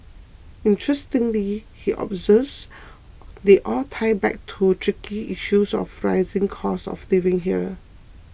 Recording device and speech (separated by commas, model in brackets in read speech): boundary microphone (BM630), read sentence